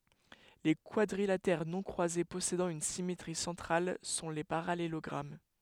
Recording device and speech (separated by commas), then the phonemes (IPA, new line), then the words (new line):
headset microphone, read sentence
le kwadʁilatɛʁ nɔ̃ kʁwaze pɔsedɑ̃ yn simetʁi sɑ̃tʁal sɔ̃ le paʁalelɔɡʁam
Les quadrilatères non croisés possédant une symétrie centrale sont les parallélogrammes.